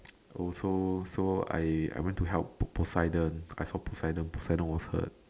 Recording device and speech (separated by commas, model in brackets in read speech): standing microphone, conversation in separate rooms